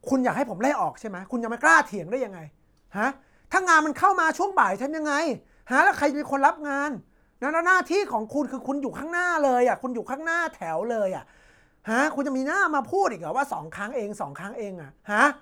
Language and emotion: Thai, angry